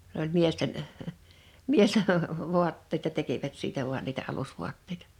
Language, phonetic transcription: Finnish, s ‿oĺ "miesten , "miesten 'vuatteⁱta tekivät 'siitä vuan niitä 'alusvuatteitᴀ .
- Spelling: se oli miesten miesten vaatteita tekivät siitä vain niitä alusvaatteita

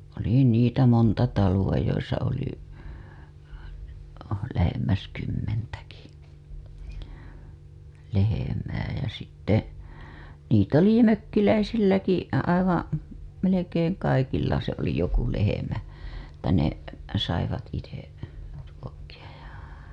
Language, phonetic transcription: Finnish, oli niitä 'monta 'taluwa joisa oli , lähemmäs 'kymmentäki , lehemää jä sitte niit ‿oli "mökkiläisilläki , 'aivan , 'melekeeŋ kalkilla se oli joku lehemä , että ne , saivat ite , (ruokki‿aj ja) .
- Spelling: oli niitä monta taloa joissa oli lähemmäs kymmentäkin lehmää ja sitten niitä oli mökkiläisilläkin aivan melkein kalkilla se oli joku lehmä että ne saivat itse ruokkia ja

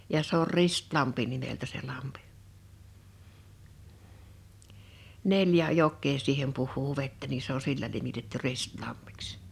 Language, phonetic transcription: Finnish, ja 'se ‿or "Ristlampi nimeltä se 'lampɪ , 'neljä 'jok̆kee 'siihem puh̀uu 'vettä ni se ‿o 'sillä nimitetty 'Ristlammɪks .
- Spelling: ja se on Ristilampi nimeltä se lampi neljä jokea siihen puhuu vettä niin se on sillä nimitetty Ristilammiksi

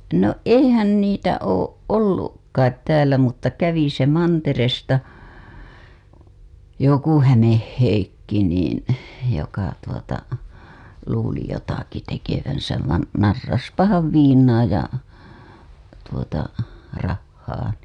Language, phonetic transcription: Finnish, no "eihän niitä 'ooˀ "ˀolluk kait 'täälä mutta kävi se 'manteresta , 'joku Hämeh Heikki niin̬ , joka tuota , luuli jotaki tekevän̬säv van , "narraspahav "viiǹaa ja , tuota , 'rahhaa NII .
- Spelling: no eihän niitä ole ollut kai täällä mutta kävi se mantereelta joku Hämeen Heikki niin joka tuota luuli jotakin tekevänsä vaan narrasipahan viinaa ja tuota rahaa niin

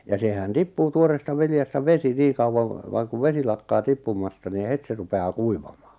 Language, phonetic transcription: Finnish, ja sehän 'tippuu 'tuoreesta 'viljasta "vesi 'niiᵑ kauwaŋ , 'vaaŋ kuv "vesi lakkaa "tippum̀asta ni "het se 'rupe₍aa "kuivaᴍᴀᴀ .
- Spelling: ja sehän tippuu tuoreesta viljasta vesi niin kauan vaan kun vesi lakkaa tippumasta niin heti se rupeaa kuivamaan

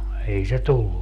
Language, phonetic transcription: Finnish, 'ei se "tullu .
- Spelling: ei se tullut

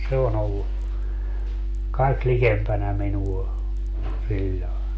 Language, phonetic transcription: Finnish, se on ‿ollu , 'kaik "likempänä 'minuɔ , 'siĺĺae .
- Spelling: se on ollut kaikkein likempänä minua sillä lailla

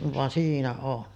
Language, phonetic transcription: Finnish, van 'siinä on .
- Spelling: vaan siinä on

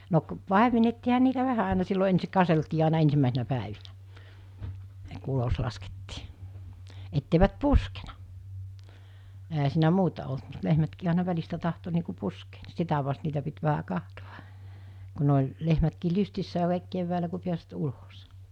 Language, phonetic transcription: Finnish, no k- , 'pàemenettiiha niitä 'vähä àena sillo ensik 'kaseltii àina 'ensimmä̀esinä 'pä̀evinä , ku 'ulos laskettii , etteivät "puskena , ehä siinä 'muuta olt mut 'lehmätkii àina 'väl̜istä tahto niiku 'puskee , (ni) 'sitä vast niitä pit vähä 'kahtoᵛᴀ , ku ne oĺ , 'lehmätkii 'lystissää kàìk kevväälä ku piäsvät 'ulos .
- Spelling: no - paimennettiinhan niitä vähän aina silloin ensin katseltiin aina ensimmäisinä päivinä kun ulos laskettiin että eivät puskenut eihän siinä muuta ollut mutta lehmätkin aina välistä tahtoi niin kuin puskea niin sitä vasten niitä piti vähän katsoa kun ne oli lehmätkin lystissään kaikki keväällä kun pääsivät ulos

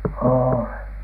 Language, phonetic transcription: Finnish, oolen .
- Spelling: olen

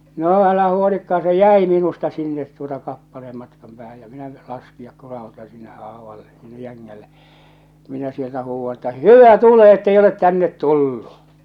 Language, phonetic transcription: Finnish, 'no , 'älähä huolikkaa se "jäi minusta sinnet tuota kappaleem matkam päähäj ja 'minä 'laskijak 'kurahuta sinne '’aavalle , sinne 'jäŋŋälle , minä sieltä huuvva että » "hyvä , "tule ettei olet 'tännet 'tullu ! «
- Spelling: no älähän huolikaan se jäi minusta sinne tuota kappaleen matkan päähän ja minä laskea kurautan sinne aavalle sinne jängälle minä sieltä huudan että hyvä tule että ei ole tänne tullut

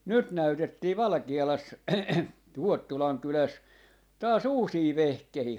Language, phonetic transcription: Finnish, 'nyt 'näytettii "Valᵃki₍alas 'Ruottulaŋ 'kyläs , taas 'uusii "vehkehii .
- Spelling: nyt näytettiin Valkealassa Ruottulan kylässä taas uusia vehkeitä

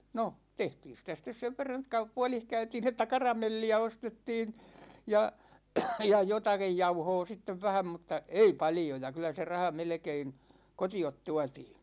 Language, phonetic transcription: Finnish, 'no , 'tehtiin̬ sitä sitt̆es 'sev verran ‿(että) kau- "pualih 'käytiin ‿että "karamelli₍ä 'ostettiin , 'ja , 'ja "jotakij 'jauhoo 'sittev 'vähäm mut̆ta , "ei 'paljoja 'kylä se 'raha "melᵉkein , "koti₍ot 'tuatii .
- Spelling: no tehtiin sitä sitten sen verran että - puodissa käytiin että karamelliä ostettiin ja ja jotakin jauhoa sitten vähän mutta ei paljoja kyllä se raha melkein kotiin tuotiin

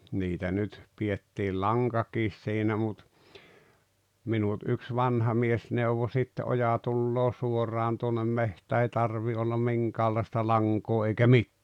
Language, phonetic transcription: Finnish, 'niitä nyt , pi₍ettiil "laŋkaakis siinä mut , 'minut yks "vanha 'mies 'neuvo sit te '’oja tulloo 'suoraan tuonnem 'mehtää ei 'tarvii ollam 'miŋkäällaista 'laŋkoo eikä "mittää .
- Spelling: niitä nyt pidettiin lankakin siinä mutta minut yksi vanha mies neuvoi sitten - oja tulee suoraan tuonne metsään ei tarvitse olla minkäänlaista lankaa eikä mitään

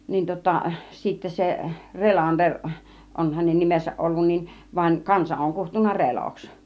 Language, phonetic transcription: Finnish, nin 'tŭŏta sittä 'se , "Relander 'on hänen 'nimesäˀ 'ˀollun nin , vań "kansa oŋ kuhtunna "Reloks .
- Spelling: niin tuota sitten se Relander on hänen nimensä ollut niin vaan kansa on kutsunut Reloksi

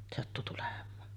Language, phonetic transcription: Finnish, sattu tulem̆maan .
- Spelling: sattui tulemaan

